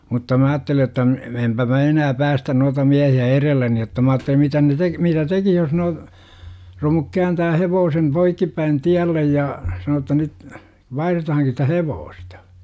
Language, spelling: Finnish, mutta minä ajattelin jotta - enpä minä enää päästä noita miehiä edelleni jotta minä ajattelin mitä ne - mitä tekisi jos - romu kääntää hevosen poikkipäin tielle ja sanoo jotta nyt vaihdetaankin sitä hevosta
- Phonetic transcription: mutta 'mä aatteli jotta m- , 'empä mä "enää päästän nuata 'miähi₍ä "erelleni jotta ma aattelim 'mitä ne 'tek- , mitä "tekih jos no- , romuk 'kääntää "hevoosem 'poikkippäin "tiällej jaa , 'sanoo ‿tta nyt » , 'vaihretahaŋki sitä "hevoosta « .

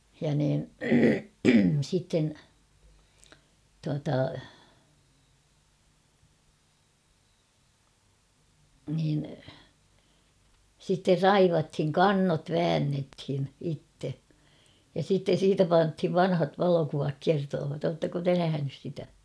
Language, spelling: Finnish, ja niin sitten tuota niin sitten raivattiin kannot väännettiin itse ja sitten siitä pantiin vanhat valokuvat kertovat oletteko te nähnyt sitä
- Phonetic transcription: ja niin , sitten , tuata , niin , sitter "raivathiŋ "kannot "väännethin 'itte , ja sitten̬ "siitä 'panthiv » "vanhat "valokuvak 'kertoovat « 'oottako "te 'nähänys sitä ?

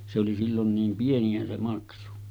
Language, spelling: Finnish, se oli silloin niin pieniä se maksu
- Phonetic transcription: se oli sillon 'niim 'pieni₍ä se 'maksu .

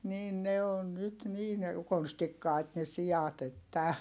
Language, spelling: Finnish, niin ne on nyt niin konstikkaita ne siat että
- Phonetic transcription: niin ne on nyt niin , konstikkài̮t ne si₍at ‿että .

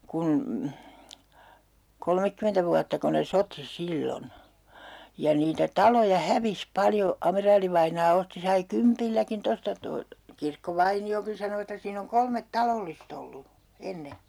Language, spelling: Finnish, kun kolmekymmentä vuottako ne soti silloin ja niitä taloja hävisi paljon amiraalivainaa osti sai kympilläkin tuosta tuon Kirkkovainiokin sanoi että siinä on kolme talollista ollut ennen
- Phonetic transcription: kun , 'kolmekkymentä vuattako ne "soti 'sillon , ja niitä 'taloja "hävis 'paljo , 'ameraalivainaa 'osti sai "kympilläkin 'tosta to , 'Kirkko"vaini₍okin sano että 'siin ‿oŋ 'kolmet "talollist ‿ollu , 'enne .

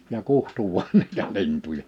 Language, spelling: Finnish, ja kutsui vain niitä lintuja
- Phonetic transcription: ja "kuhtu vuan niitä 'lintuja .

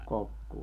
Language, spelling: Finnish, kokkoa
- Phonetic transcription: 'kokkuu .

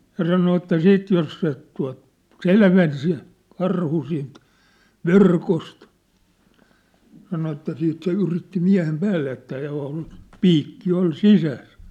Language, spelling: Finnish, ja sanoi että sitten jos se tuota selveni se karhu siitä verkosta sanoi että sitten se yritti miehen päälle että oli piikki oli sisässä
- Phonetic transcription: 'ja sano että 'siit jos se tua̭t , "selven se , 'karhu siint , "verkost , sano että 'siit se 'yritti 'miä̭hem 'päälle että ò₍ol , "piikki ol "sisäs .

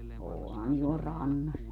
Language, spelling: Finnish, onhan tuolla rannassa
- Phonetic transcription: 'oohan (tuol) 'rannas .

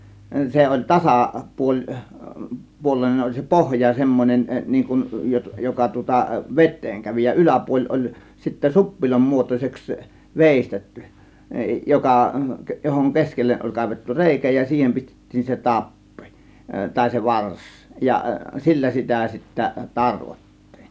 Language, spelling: Finnish, se oli - - tasapuolinen oli se pohja semmoinen niin kuin - joka tuota veteen kävi ja yläpuoli oli sitten suppilon muotoiseksi veistetty joka johon keskelle oli kaivettu reikä ja siihen pistettiin se tappi tai se varsi ja sillä sitä sitten tarvottiin
- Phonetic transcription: 'se oĺ "tasà- , -'puoĺ- , -'puol̆lèĭnen oĺ se "pohja 'semmon͕en niiŋ kun , 'jo- 'joka tŭŏta "vet̆teeŋ 'kävi ja , "yläpuoĺ oĺ sittä "suppilom 'muotos͕eks , "vèistetty , 'jokà , johoŋ "keskelleˀ ˀoĺ 'kàėvettu "rèikä ja "siihem pistettiin se "tappI , tàė se "vars , ja "sillä sitä sittä 'tarvot̀tIIN .

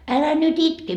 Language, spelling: Finnish, älä nyt itke
- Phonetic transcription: » 'älä nyt "itke .

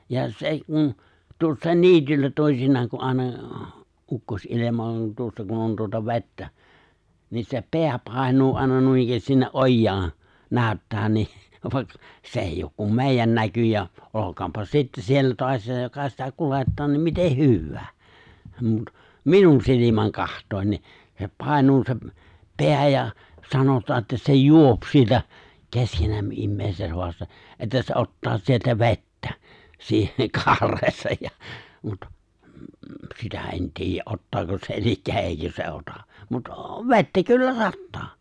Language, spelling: Finnish, ja se kun tuossa niityllä toisinaan kun aina ukkosenilma on tuossa kun on tuota vettä niin se pää painuu aina noinikään sinne ojaan näyttää niin vaikka se ei ole kuin meidän näkyjä olkoonpa sitten siellä taasiinsa joka sitä kuljettaa niin miten hyvänsä mutta minun silmäni katsoen niin se painuu se pää ja sanotaan että se juo sieltä keskenämme ihmiset haastaa että se ottaa sieltä vettä siihen kaareensa ja mutta sitä en tiedä ottaako se eli eikö se ota mutta vettä kyllä sataa
- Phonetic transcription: ja 'se kun , 'tuossaen "ni̬ityllä 'tòi̬sinnaaŋ ku '’ài̬na , 'ukkos’ilema on 'tuossa kun on tuota 've̬ttä , niin se "peä 'pài̬ǹuu ài̬na 'nuinikkäästis sinne '’ojjaaⁿ , 'nääᵒ̈ttää ni , vàik- 's ‿èijj ook kum "mè̬ijjän 'näkyjä , 'olok̀aampa 'sittä 'siellä (toasiisaj) joka sitä 'kulettaa ni 'miteh̆ "hywwää , mut , "minun silimäŋ 'kaht̀òin ni , se 'pài̬nuu seᵖ , 'peä ja , 'sanotaa että se "juop sieltä , "keskenämmə 'immèiset hoasta̳ , '’että se 'ottaa sieltä 've̬ttä , siihe 'kaareesaj ja , mut , 'sitä ’en 'ti̬ijjä’ '’ottaako se elikkä 'èikö se 'ota , mut , "ve̬ttä kyllä "sattaa .

